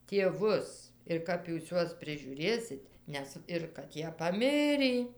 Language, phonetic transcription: Lithuanian, tieˈvus ir ˈkap jūs ˈjuos prižiūˈrėsit ˈnes ir kad ˈjie paˈmirį

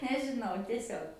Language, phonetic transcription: Lithuanian, nežiˈnau tieˈsiog

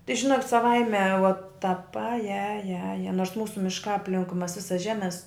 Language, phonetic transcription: Lithuanian, tai žiˈnokit' saˈvaime vot tap ˈaje ˈaje ˈaje ˈnors ˈmūsu mišˈkā apˈlinkui ˈmas ˈvisas ˈžemes

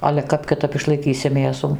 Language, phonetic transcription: Lithuanian, ale ˈkap kiˈtap išlaiˈkysi ˈmėsų

